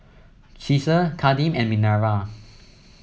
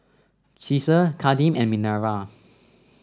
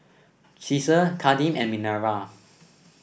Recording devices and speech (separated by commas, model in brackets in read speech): mobile phone (iPhone 7), standing microphone (AKG C214), boundary microphone (BM630), read sentence